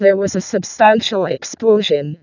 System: VC, vocoder